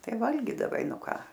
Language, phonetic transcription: Lithuanian, ˈtai ˈvalgydavai ˈnu ˈką

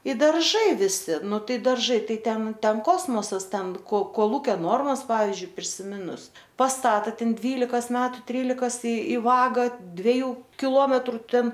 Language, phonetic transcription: Lithuanian, i darˈžai viˈsi ˈnu ˈtai darˈžai ˈtai ˈten ˈten ˈkosmosas ˈten ko koˈlūkio ˈnormas ˈpavizdžiui prisiˈminus pasˈtata ˈten ˈdvylikas ˈmetu ˈtrylikas i i ˈvaga dveˈjų kiˈlometru ˈten

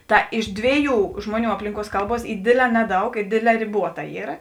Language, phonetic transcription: Lithuanian, ˈta iš ˈdvėˌjų ˈžmuoˌnių ˈaplinˌkuos ˈkalˌbuos ˈy ˈdėdˌlē ˈneˌdaug ˈi ˈdėdˌlē riˈbuota ˈyra

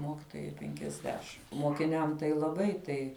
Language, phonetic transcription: Lithuanian, ˈmokitojai penkiasˈdešim mokiˈniam tai laˈbai tai

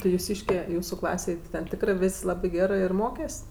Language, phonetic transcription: Lithuanian, tai juˈsyške ˈjūsų ˈklasėj ti ten ˈtikrɜ ˈvės' ˈlabɜ ˈgerɜ ir ˈmokes'

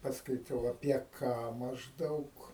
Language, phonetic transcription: Lithuanian, paskaiˈtau apie ˈką mažˈdaug

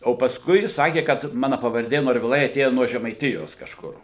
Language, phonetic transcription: Lithuanian, o pasˈkui jis ˈsakė kad ˈmana pavarˈdė norviˈlai aˈtėja nuo žemaiˈtijos kažˈkur

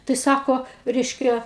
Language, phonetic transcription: Lithuanian, tai ˈsako ˈreiškia

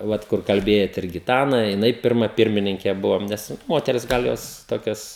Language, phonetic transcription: Lithuanian, ˈvat kur kalˈbėjat ir giˈtana jiˈnai ˈpirma ˈpirmininke ˈbuvam ˈnes ˈmoteris ˈgal ˈjos ˈtokias

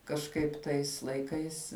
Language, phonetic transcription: Lithuanian, kažˈkaip ˈtais laiˈkais

